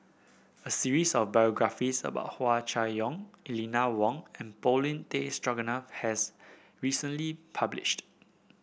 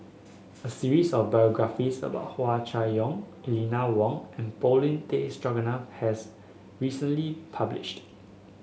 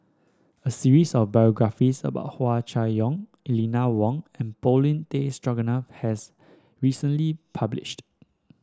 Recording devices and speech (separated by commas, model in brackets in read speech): boundary microphone (BM630), mobile phone (Samsung S8), standing microphone (AKG C214), read sentence